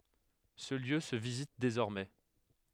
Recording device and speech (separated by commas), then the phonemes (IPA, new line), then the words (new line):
headset microphone, read sentence
sə ljø sə vizit dezɔʁmɛ
Ce lieu se visite désormais.